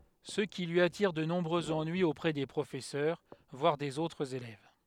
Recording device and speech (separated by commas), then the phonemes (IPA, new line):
headset microphone, read sentence
sə ki lyi atiʁ də nɔ̃bʁøz ɑ̃nyiz opʁɛ de pʁofɛsœʁ vwaʁ dez otʁz elɛv